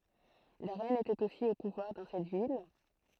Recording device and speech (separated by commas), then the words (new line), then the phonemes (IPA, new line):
throat microphone, read sentence
La reine était aussi au pouvoir dans cette ville.
la ʁɛn etɛt osi o puvwaʁ dɑ̃ sɛt vil